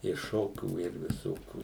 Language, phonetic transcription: Lithuanian, i ˈšokių ir viˈsokių

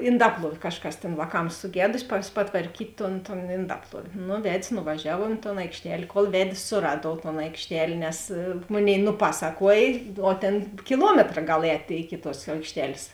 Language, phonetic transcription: Lithuanian, inˈdapluov' ˈkažˌkas tėn vāˈkams suˈgedusi pas patvarˈkyt' ton ton inˈdapluov' nu ˈved's' nuvaˈžiavo i ton aikšˈtel' kol ˈved's' suˈraduov ton aikšˈtel' nes ˈmoˌnėi nuˈpasaˌkuoj o ˈtėn kiˈluometra ˈgal ˈētė iki tuos aikšˈtel's'

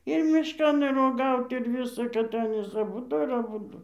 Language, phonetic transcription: Lithuanian, ir ˈmiškan ir oˈgaut ir ˈvysa kad ˈanys aˈbudu ir aˈbudu

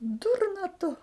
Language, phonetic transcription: Lithuanian, ˈdurna tu

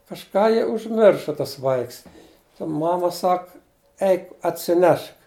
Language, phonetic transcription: Lithuanian, kažˈką ji užˈmirša tas ˈvaiks ta ˈmama ˈsak ˈeik atsiˈnešk

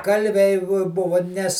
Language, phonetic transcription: Lithuanian, ˈkalviai vo ˈbuvu nes

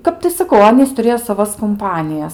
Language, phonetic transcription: Lithuanian, ˈkap tai saˈkau ˈanys tuˈrėjo saˈvas kumˈpanijas

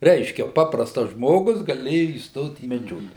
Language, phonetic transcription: Lithuanian, ˈreiškia ˈpaprastas ˈžmogus gaˈlėju įsˈtot į meˈdžiokle

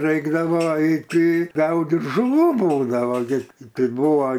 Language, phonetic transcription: Lithuanian, ˈraikdavo aiˈti ˈgaudit žuˈvų ˈbūdavo gi ˈtai ˈbuvo

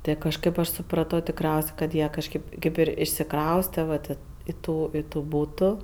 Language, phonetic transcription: Lithuanian, ˈtɜ kažˈkɜp aš suˈprato tikˈriaus' kad ˈjie kažkėp ˈkėp ir išsiˈkrauste va ˈtė i ˈtų i tų ˈbūtų

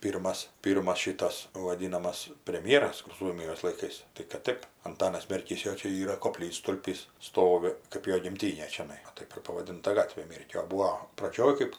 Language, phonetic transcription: Lithuanian, ˈpyrmas ˈpyrmas ˈšitas vaˈdynamas premˈjeras kur ˈsuomijos laiˈkais tai kad ˈtɜp anˈtanas merˈkys ˈjo ˈčia ˈyra koˈplytstulpys ˈstovi kɜp ˈjo gimˈtynė čiaˈnai va ˈtaip ir pavaˈdinta ˈgatvė ˈmėrkio o ˈbūo praˈdžioj ˈkɜp

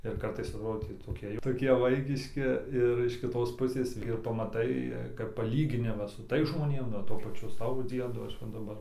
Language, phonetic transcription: Lithuanian, ir ˈkartais atˈrodė tį toˈkie jau toˈkie ˈvaikiški ir iš kiˈtos ˈpusės ir pamaˈtai kap paˈlyginimas su ˈtais žmoˈnėm nu o ˈtuo paˈčiu ˈsavo ˈdziedo ˈaš ˈva daˈbar

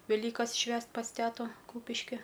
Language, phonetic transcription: Lithuanian, veˈlykas ˈšvęst pas ˈteto ˈkūpiški

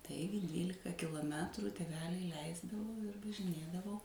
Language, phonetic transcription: Lithuanian, ˈtaigi ˈdvylika kiloˈmetru tėˈveliai ˈleisdavo ir važiˈnėdavau

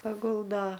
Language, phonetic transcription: Lithuanian, paˈguldo

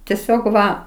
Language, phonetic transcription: Lithuanian, teˈsiog ˈva

